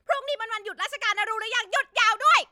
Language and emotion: Thai, angry